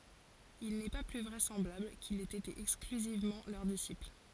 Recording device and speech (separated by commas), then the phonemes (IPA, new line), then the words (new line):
forehead accelerometer, read sentence
il nɛ pa ply vʁɛsɑ̃blabl kil ɛt ete ɛksklyzivmɑ̃ lœʁ disipl
Il n'est pas plus vraisemblable qu'il ait été exclusivement leur disciple.